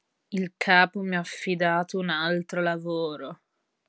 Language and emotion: Italian, disgusted